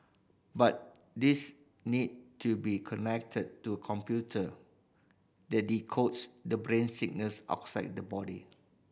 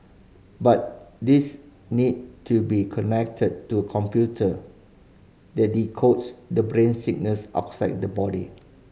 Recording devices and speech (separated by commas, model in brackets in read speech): boundary microphone (BM630), mobile phone (Samsung C5010), read sentence